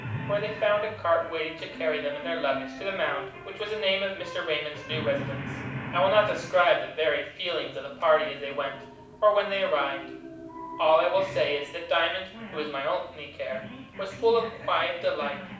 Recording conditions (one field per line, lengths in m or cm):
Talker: one person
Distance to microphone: 5.8 m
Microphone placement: far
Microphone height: 1.8 m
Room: medium-sized (5.7 m by 4.0 m)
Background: television